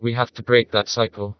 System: TTS, vocoder